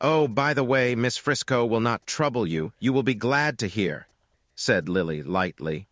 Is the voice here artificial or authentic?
artificial